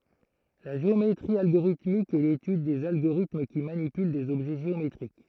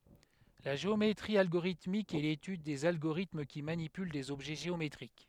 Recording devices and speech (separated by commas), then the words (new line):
throat microphone, headset microphone, read sentence
La géométrie algorithmique est l'étude des agorithmes qui manipulent des objets géométriques.